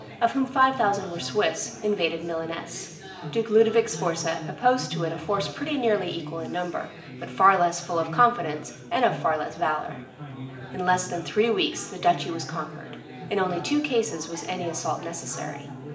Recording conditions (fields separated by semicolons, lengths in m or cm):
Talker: one person; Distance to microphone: 1.8 m; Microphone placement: close; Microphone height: 1.0 m; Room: large; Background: babble